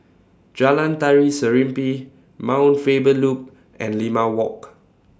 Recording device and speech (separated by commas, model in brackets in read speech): standing microphone (AKG C214), read sentence